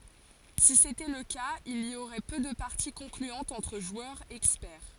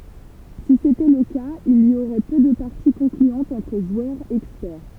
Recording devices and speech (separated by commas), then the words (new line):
forehead accelerometer, temple vibration pickup, read sentence
Si c’était le cas, il y aurait peu de parties concluantes entre joueurs experts.